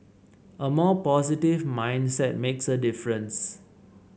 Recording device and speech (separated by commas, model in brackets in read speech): mobile phone (Samsung C7), read sentence